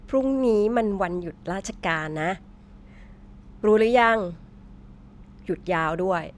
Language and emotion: Thai, frustrated